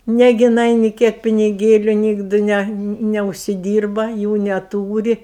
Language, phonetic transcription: Lithuanian, ˈnegi jiˈnai ni ˈkiek piniˈgėliu ˈnygdɨ ˈne neužsiˈdyrba ˈjų neˈtūri

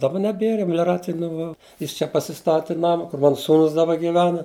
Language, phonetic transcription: Lithuanian, daˈba neˈbiera meliˈracija nuˈva ˈjis čia pasiˈstati ˈnama kur ˈmana ˈsūnus daˈba giˈvena

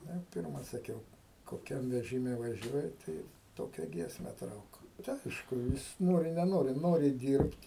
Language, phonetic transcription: Lithuanian, ˈnu i ˈpirma saˈkiau koˈkiam vežiˈme vaˈžiuoji ˈtai ˈtokia ˈgiesme ˈtrauk tai ˈaišku ˈjis ˈnori neˈnori ˈnori ˈdyrbt'

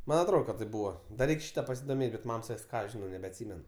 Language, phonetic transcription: Lithuanian, ˈman' atˈrod kad taip ˈbūva da ˈreik' ˈšyta pasidoˈmėt' bet ˈmam saˈkis ˈką aš ˈžinau nebeatˈsymen

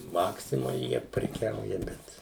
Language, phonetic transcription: Lithuanian, ˈmaksimoj ˈjie preˈkiauja ˈbet

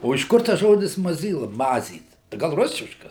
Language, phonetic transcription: Lithuanian, o iš ˈkur tas ˈžodis maˈzyla ˈmazyt gal ˈrusiškas

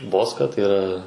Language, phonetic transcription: Lithuanian, ˈboska tai yˈra

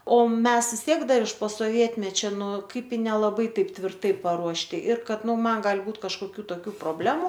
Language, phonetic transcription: Lithuanian, o ˈmes vis ˈtiek ˈdar iš po soˈvietmečia ˈnu ˈkaip i nelaˈbai ˈtaip tvirˈtai paruošˈti ir ˈkad ˈnu ˈman ˈgali ˈbūt kažkoˈkių toˈkių proˈblemu

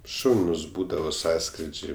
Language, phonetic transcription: Lithuanian, ˈšaunus ˈbūdavo ˈsąskridžiai

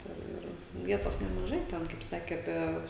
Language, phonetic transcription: Lithuanian, ta ˈir ˈvietos nemaˈžai ˈten kaip ˈsakė aˈpie

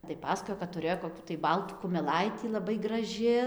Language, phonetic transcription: Lithuanian, tai ˈpasakojo kad tuˈ rėjo koˈkių tai ˈbaltų kumeˈlaitį laˈbai graˈži

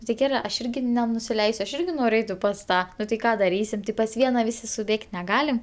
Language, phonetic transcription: Lithuanian, nu ti ˈgerɜ ˈaš ˈirgi nenusiˈleisiu aš ˈirgi ˈnoriu ˈeiti pas ˈtą ˈnu tai ˈką daˈrysim ti pas ˈviena ˈvisi suˈbėg't' neˈgalim

